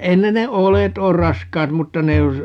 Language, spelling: Finnish, ei ne ne oljet ole raskaat mutta ne jos
- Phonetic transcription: 'ei ne ne "ole't ‿oor "raskaat 'mutta ne (jos) , .

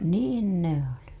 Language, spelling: Finnish, niin ne oli
- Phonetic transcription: niin 'ne ‿oli .

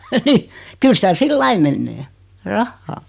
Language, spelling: Finnish, kyllä sitä sillä lailla menee rahaa
- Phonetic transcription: 'kyl sitä 'sillai mennee , "rahhaa .

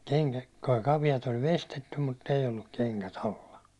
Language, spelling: Finnish, - kenkäkaviot oli veistetty mutta ei ollut kengät alla
- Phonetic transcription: keŋkä- , 'kavijat oĺ "vestettum mutt ‿ei olluk 'keŋkä"t ‿alla .

